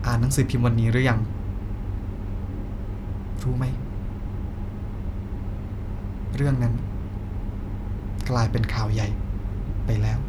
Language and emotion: Thai, sad